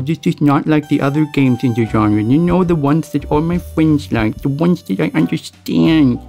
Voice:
whiny voice